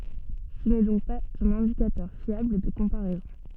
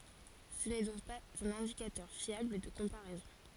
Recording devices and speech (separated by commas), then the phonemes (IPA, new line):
soft in-ear microphone, forehead accelerometer, read sentence
sə nɛ dɔ̃k paz œ̃n ɛ̃dikatœʁ fjabl də kɔ̃paʁɛzɔ̃